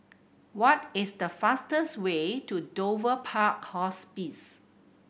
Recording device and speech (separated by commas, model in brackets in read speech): boundary microphone (BM630), read sentence